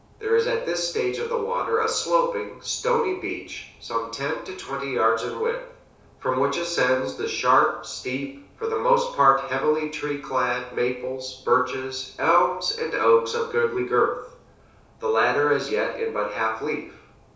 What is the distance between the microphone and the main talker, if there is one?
3.0 m.